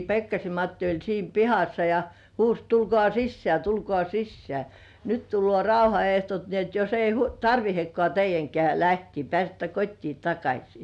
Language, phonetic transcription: Finnish, Pekkasem 'Matti oĺ siim "pihassa ja , huus » 'tulkŏà "sissĕä̀ 'tulkŏà "sissĕä̀ , 'nyt tullŭò "rauha₍eht̳§ot ni ‿et jos ei hu- "tarvihekkŏà 'teij̆jäŋkĕä̀ lähtii 'pĕä̀settä "kot́tii 'takaśii . «
- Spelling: Pekkasen Matti oli siinä pihassa ja huusi tulkaa sisään tulkaa sisään nyt tulee rauhanehdot niin että jos ei - tarvitsekaan teidänkään lähteä pääsette kotiin takaisin

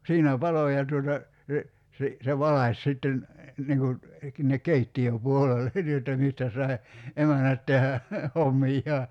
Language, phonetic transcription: Finnish, 'siinä "palo ja tuota , se , si- , se 'valaś sitten , niŋ kun̬ , (sin)nek 'keitti₍ö'puolele , ni jotta 'mistä sai̬ , 'emänät tehä , 'hommijjaa .
- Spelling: siinä paloi ja tuota se - se valaisi sitten niin kuin sinne keittiöpuolelle niin jotta mistä sai emännät tehdä hommiaan

